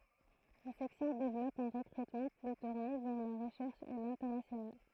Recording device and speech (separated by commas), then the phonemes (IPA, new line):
throat microphone, read sentence
la sɛksjɔ̃ devlɔp œ̃ ʁəkʁytmɑ̃ ply tuʁne vɛʁ la ʁəʃɛʁʃ e lɛ̃tɛʁnasjonal